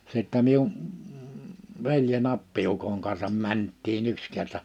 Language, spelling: Finnish, sitten minun veljeni appiukon kanssa mentiin yksi kerta
- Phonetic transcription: sittä miun , 'velje'n ‿appi₍ukoŋ kansam 'mänttii'n ‿yks kerta .

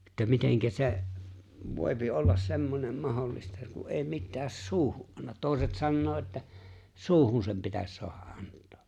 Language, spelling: Finnish, että miten se voi olla semmoinen mahdollista kun ei mitään suuhun anna toiset sanoo että suuhun sen pitäisi saada antaa
- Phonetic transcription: (että) 'miteŋkä 'se̬’ , "vòi̬pi "ollas 'semmonem "mahollista ku '’è̬i 'mittääs "suuhu’ '’annat 'tòi̬set sannoo että , "suuhun sem 'pitäs 'soaha’ '’ant̀ᴏᴏ .

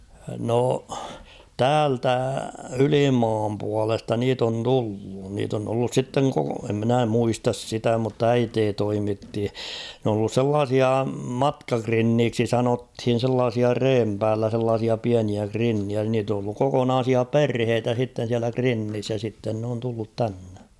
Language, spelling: Finnish, no täältä ylimaan puolesta niitä on tullut niitä on tullut sitten koko en minä muista sitä mutta äiti toimitti ne on ollut sellaisia matkakrinneiksi sanottiin sellaisia reen päällä sellaisia pieniä krinnejä niitä on ollut kokonaisia perheitä sitten siellä krinnissä ja sitten ne on tullut tänne
- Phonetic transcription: no , "täältä "ylimaam pualesta 'niit ‿on 'tullu , niit ‿on tullus 'sitteŋ koko , em minä 'muistas "sitä mutt ‿"äitee 'toimitti , nᵉ ‿on ‿ollus "sellaasia "matkakrinniiksi 'sanothin̬ sellaasia "reem päällä sellaasia 'piäniä 'krinniä niit ‿on ‿olluk 'kokonaasia "perheetä sitten̬ siälä 'krinnis ja sitten n ‿oon tullut 'tänne .

